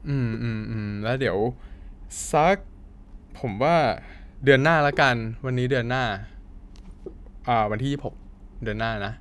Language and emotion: Thai, neutral